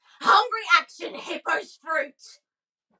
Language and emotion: English, angry